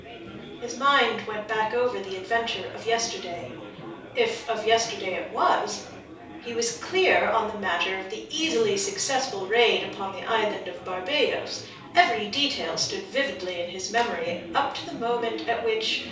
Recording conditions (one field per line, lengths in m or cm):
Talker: one person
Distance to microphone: 3.0 m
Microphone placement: far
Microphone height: 1.8 m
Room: small (3.7 m by 2.7 m)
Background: babble